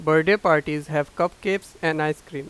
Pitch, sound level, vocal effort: 155 Hz, 93 dB SPL, loud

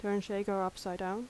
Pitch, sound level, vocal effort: 200 Hz, 80 dB SPL, normal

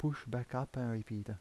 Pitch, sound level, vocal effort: 125 Hz, 79 dB SPL, soft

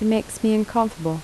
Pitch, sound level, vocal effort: 220 Hz, 77 dB SPL, soft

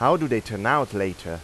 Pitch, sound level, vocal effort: 110 Hz, 92 dB SPL, loud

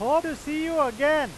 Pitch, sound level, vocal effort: 300 Hz, 101 dB SPL, very loud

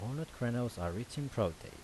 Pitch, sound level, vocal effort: 120 Hz, 82 dB SPL, normal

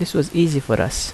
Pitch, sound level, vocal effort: 150 Hz, 77 dB SPL, soft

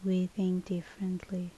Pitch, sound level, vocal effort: 185 Hz, 71 dB SPL, soft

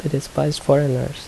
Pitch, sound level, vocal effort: 140 Hz, 74 dB SPL, soft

